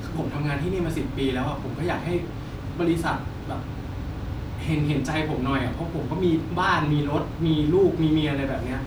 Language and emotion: Thai, frustrated